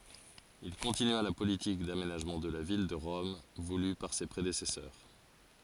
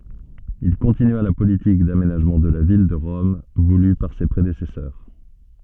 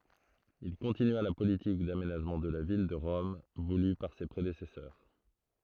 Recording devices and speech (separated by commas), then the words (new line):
forehead accelerometer, soft in-ear microphone, throat microphone, read sentence
Il continua la politique d'aménagement de la ville de Rome voulue par ses prédécesseurs.